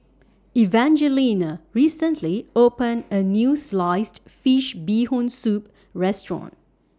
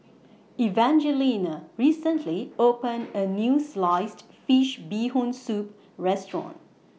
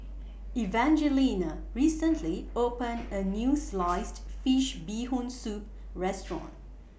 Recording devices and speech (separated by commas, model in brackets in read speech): standing microphone (AKG C214), mobile phone (iPhone 6), boundary microphone (BM630), read sentence